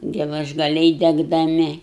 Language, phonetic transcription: Lithuanian, gelažgaˈliai degdaˈmi

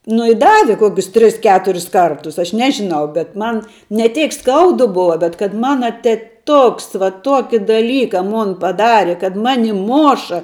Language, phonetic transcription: Lithuanian, nu i ˈdavi ˈkokius ˈtris ˈketuris ˈkartus aš ˈnežinau bet ˈman ne ˈtėk ˈskaudu ˈbova bet kad ˈmana teˈtuks va ˈtuoki daˈlyka ˈmon paˈdari kad ˈmani ˈmoša

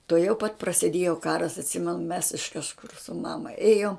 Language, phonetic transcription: Lithuanian, tuoˈjau pat prasiˈdėjo ˈkaras atˈsimenu mes iš kažˈkur su ˈmama ˈėjom

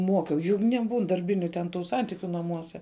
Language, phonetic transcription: Lithuanian, ˈmokiau jug neˈbūn darˈbiniu ten ˈtų ˈsantikiu naˈmuose

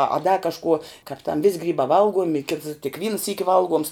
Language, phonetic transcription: Lithuanian, a a da kažˈkuo kāp tam vis' ˈgrybā ˈvalguomi kits tik ˈvyna ˈsyki ˈvalˌguoms

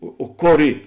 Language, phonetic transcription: Lithuanian, o o ˈkor ˈy

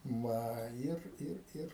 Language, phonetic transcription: Lithuanian, ˈva ˈir ˈir ˈir

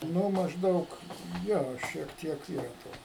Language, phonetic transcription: Lithuanian, ˈnu mažˈdaug ˈjo ˈšiek ˈtiek ˈyra ˈto

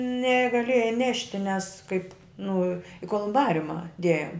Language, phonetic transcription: Lithuanian, negaˈlėjai ˈnešti nes kaip nu i kolumˈbariuma ˈdėjom

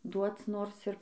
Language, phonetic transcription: Lithuanian, ˈduoc ˈnors ir

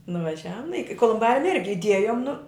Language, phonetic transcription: Lithuanian, nuvaˈžiavum nu ˈiki kolumˈbarium ˈirgi iˈdiejum nu

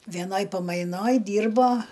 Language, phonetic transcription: Lithuanian, veˈnoj paˈmainoj ˈdyrbo

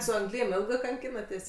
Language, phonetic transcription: Lithuanian, su angˈlym ˈėlgɜ kanˈkynatės'

